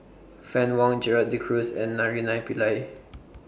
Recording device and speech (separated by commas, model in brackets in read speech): boundary microphone (BM630), read sentence